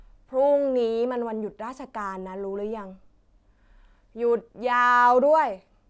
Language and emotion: Thai, frustrated